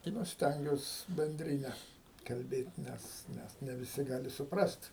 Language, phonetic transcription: Lithuanian, tai ˈnu ˈstengiuos benˈdrine kalˈbėt' ˈnes ˈnes ne viˈsi ˈgali suˈprast'

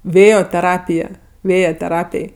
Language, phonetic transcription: Lithuanian, ˈvėjo teˈrapija ˈvėja teˈrapėj

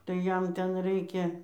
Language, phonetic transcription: Lithuanian, tai ˈjam ˈten ˈraikia

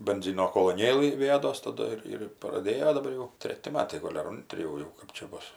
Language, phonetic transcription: Lithuanian, benˈzino koloˈnėlɨ viˈjados taˈdu ir ir praˈdėjo daˈbar jau ˈtreti ˈmatai ˈgol' ar ˈontri jau ˈjau ˈkɜp čia ˈbus

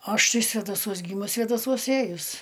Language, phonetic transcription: Lithuanian, ˈaš ˈtai svedaˈsuos ˈgymus svėdaˈsuos ˈėjus

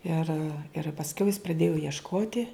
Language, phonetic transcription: Lithuanian, ir ir pasˈkiau jis pradėju iešˈkoti

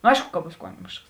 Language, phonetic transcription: Lithuanian, no ˈaišku ka ˈbūs ˈkuomišks

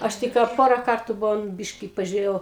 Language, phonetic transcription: Lithuanian, ˈaš ˈtik ką ˈpora ˈkartų ˈbuvom ˈbiški pažiuˈrėjau

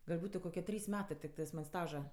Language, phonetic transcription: Lithuanian, gal' ˈbūtu koˈkie ˈtrys ˈmetɜ tikˈtɜs man' ˈstaža

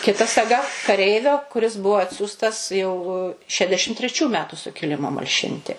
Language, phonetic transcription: Lithuanian, kiˈta saˈga kaˈreivio kuˈris ˈbuvo ˈatsiųstas jau ˈšedešim treˈčių ˈmetu sukiˈlimo malˈšinti

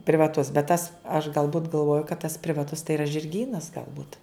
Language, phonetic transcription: Lithuanian, privaˈtus bet tas aš galˈbut galˈvoju kad tas privaˈtus tai yra žirˈgynas galˈbut

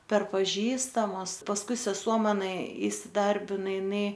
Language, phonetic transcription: Lithuanian, per paˈžįstamus pasˈkui seˈsuo maˈna įsiˈdarbina iˈnai

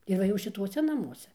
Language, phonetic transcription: Lithuanian, ir ˈva jau šiˈtuose naˈmuose

